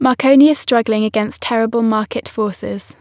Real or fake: real